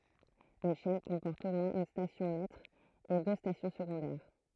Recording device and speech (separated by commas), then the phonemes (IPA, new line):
throat microphone, read sentence
yn ʃɛn kɔ̃pɔʁt o mwɛ̃z yn stasjɔ̃ mɛtʁ e dø stasjɔ̃ səɡɔ̃dɛʁ